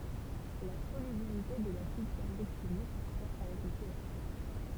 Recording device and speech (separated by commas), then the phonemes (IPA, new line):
temple vibration pickup, read sentence
la solybilite də lasid kaʁboksilik kʁwa avɛk lə peaʃ